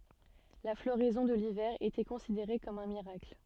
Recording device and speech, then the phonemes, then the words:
soft in-ear microphone, read sentence
la floʁɛzɔ̃ də livɛʁ etɛ kɔ̃sideʁe kɔm œ̃ miʁakl
La floraison de l'hiver était considérée comme un miracle.

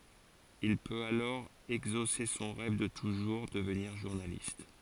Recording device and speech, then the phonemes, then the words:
forehead accelerometer, read sentence
il pøt alɔʁ ɛɡzose sɔ̃ ʁɛv də tuʒuʁ dəvniʁ ʒuʁnalist
Il peut alors exaucer son rêve de toujours, devenir journaliste.

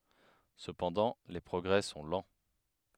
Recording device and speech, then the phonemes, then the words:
headset microphone, read sentence
səpɑ̃dɑ̃ le pʁɔɡʁɛ sɔ̃ lɑ̃
Cependant, les progrès sont lents.

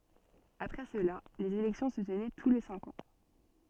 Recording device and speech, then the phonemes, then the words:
soft in-ear microphone, read sentence
apʁɛ səla lez elɛktjɔ̃ sə tənɛ tu le sɛ̃k ɑ̃
Après cela, les élections se tenaient tous les cinq ans.

